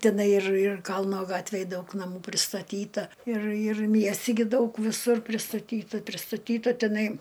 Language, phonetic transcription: Lithuanian, tiˈnai ir ir ˈkalno ˈgatvėj ˈdaug naˈmų pristaˈtyta ir ir ˈmiesti gi ˈdaug viˈsur pristaˈtyta pristaˈtyta teˈnai

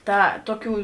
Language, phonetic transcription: Lithuanian, ˈta ˈtoˌkių

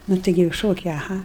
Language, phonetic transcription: Lithuanian, ˈnu ˈtaigi jau ˈšokiai aˈha

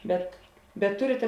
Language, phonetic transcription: Lithuanian, bet bet ˈturite

